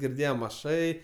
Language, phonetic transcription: Lithuanian, girˈdėjam aˈšai

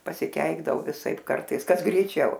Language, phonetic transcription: Lithuanian, pasiˈkeikdavau viˈsaip ˈkartais ˈkas greiˈčiau

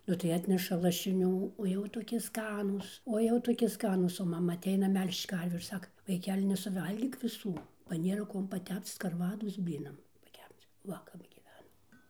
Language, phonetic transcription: Lithuanian, ˈnu tai ˈatneša lašiˈnių o ˈjau toˈki ˈskanūs o ˈjau toˈki ˈskanūs o maˈma aˈteina ˈmel'žč ˈkarvių ir ˈsaka vaiˈkeli nesuˈvalgyk viˈsų ba ˈnėra ˈkuom paˈtepc skarˈvados ˈblynam paˈkepc ˈva kap gyˈvenom

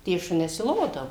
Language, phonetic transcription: Lithuanian, tie ˈšunes i ˈlodavu

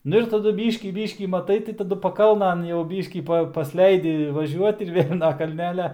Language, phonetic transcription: Lithuanian, ˈnu ir taˈdu ˈbyškį ˈbyškį maˈtai tai taˈdu paˈkalnan jau ˈbyškį ˈpa pasˈleidi vaˈžiuot ir ˈvėl' na kalˈnelia

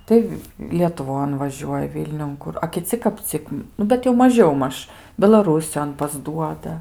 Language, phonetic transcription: Lithuanian, ˈtai lietuˈvon vaˈžiuoja ˈvilniun ˈkur a kiˈci kap ˈcik ˈnu bet jau maˈžiau ˈmaž belaˈrūsijon pasˈduoda

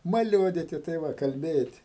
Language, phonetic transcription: Lithuanian, maˈliuodyti tai ˈva kalˈbėti

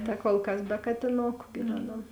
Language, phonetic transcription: Lithuanian, ta kol ˈkas be katiˈnoku gi ˈveˌnam

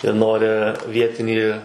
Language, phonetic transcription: Lithuanian, jie ˈnori ˈvietinį

